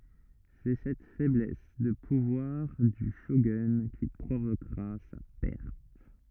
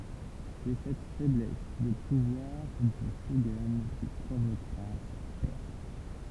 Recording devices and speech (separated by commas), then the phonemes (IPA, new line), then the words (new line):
rigid in-ear microphone, temple vibration pickup, read sentence
sɛ sɛt fɛblɛs də puvwaʁ dy ʃoɡœ̃ ki pʁovokʁa sa pɛʁt
C'est cette faiblesse de pouvoir du shogun qui provoquera sa perte.